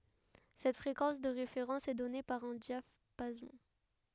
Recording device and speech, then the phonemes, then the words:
headset microphone, read sentence
sɛt fʁekɑ̃s də ʁefeʁɑ̃s ɛ dɔne paʁ œ̃ djapazɔ̃
Cette fréquence de référence est donnée par un diapason.

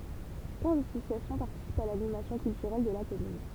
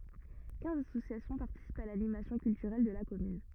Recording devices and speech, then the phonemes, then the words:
temple vibration pickup, rigid in-ear microphone, read sentence
kɛ̃z asosjasjɔ̃ paʁtisipt a lanimasjɔ̃ kyltyʁɛl də la kɔmyn
Quinze associations participent à l’animation culturelle de la commune.

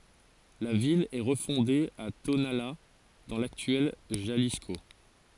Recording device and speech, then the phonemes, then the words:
forehead accelerometer, read sentence
la vil ɛ ʁəfɔ̃de a tonala dɑ̃ laktyɛl ʒalisko
La ville est refondée à Tonalá dans l'actuel Jalisco.

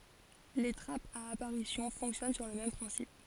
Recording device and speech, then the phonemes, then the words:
forehead accelerometer, read sentence
le tʁapz a apaʁisjɔ̃ fɔ̃ksjɔn syʁ lə mɛm pʁɛ̃sip
Les trappes à apparition fonctionnent sur le même principe.

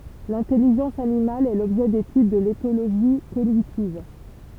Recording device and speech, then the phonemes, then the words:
temple vibration pickup, read sentence
lɛ̃tɛliʒɑ̃s animal ɛ lɔbʒɛ detyd də letoloʒi koɲitiv
L'intelligence animale est l'objet d'étude de l'éthologie cognitive.

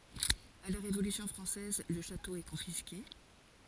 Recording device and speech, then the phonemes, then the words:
forehead accelerometer, read sentence
a la ʁevolysjɔ̃ fʁɑ̃sɛz lə ʃato ɛ kɔ̃fiske
À la Révolution française, le château est confisqué.

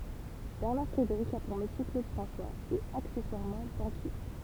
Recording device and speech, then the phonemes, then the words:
temple vibration pickup, read sentence
bɛʁnaʁ fʁedeʁik a puʁ metje klod fʁɑ̃swaz e aksɛswaʁmɑ̃ bɑ̃kje
Bernard Frédéric a pour métier Claude François… et accessoirement, banquier.

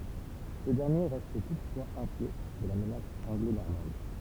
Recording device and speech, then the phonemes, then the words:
temple vibration pickup, read sentence
sə dɛʁnje ʁɛst tutfwaz ɛ̃kjɛ də la mənas ɑ̃ɡlonɔʁmɑ̃d
Ce dernier reste toutefois inquiet de la menace anglo-normande.

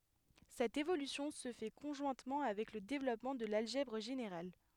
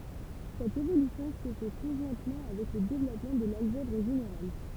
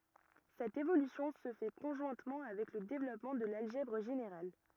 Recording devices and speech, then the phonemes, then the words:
headset microphone, temple vibration pickup, rigid in-ear microphone, read sentence
sɛt evolysjɔ̃ sə fɛ kɔ̃ʒwɛ̃tmɑ̃ avɛk lə devlɔpmɑ̃ də lalʒɛbʁ ʒeneʁal
Cette évolution se fait conjointement avec le développement de l'algèbre générale.

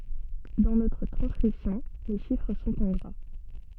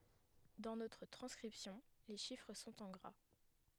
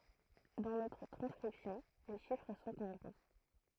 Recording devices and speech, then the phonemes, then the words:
soft in-ear microphone, headset microphone, throat microphone, read sentence
dɑ̃ notʁ tʁɑ̃skʁipsjɔ̃ le ʃifʁ sɔ̃t ɑ̃ ɡʁa
Dans notre transcription, les chiffres sont en gras.

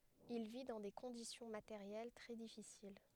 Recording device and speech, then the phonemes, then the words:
headset microphone, read sentence
il vi dɑ̃ de kɔ̃disjɔ̃ mateʁjɛl tʁɛ difisil
Il vit dans des conditions matérielles très difficiles.

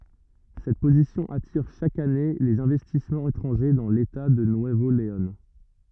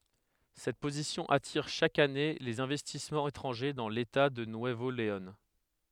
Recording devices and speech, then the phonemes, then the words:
rigid in-ear microphone, headset microphone, read sentence
sɛt pozisjɔ̃ atiʁ ʃak ane lez ɛ̃vɛstismɑ̃z etʁɑ̃ʒe dɑ̃ leta də nyəvo leɔ̃
Cette position attire chaque année les investissements étrangers dans l'État de Nuevo Léon.

